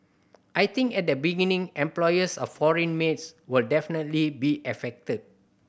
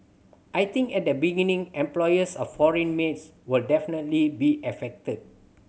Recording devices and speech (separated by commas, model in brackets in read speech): boundary microphone (BM630), mobile phone (Samsung C7100), read sentence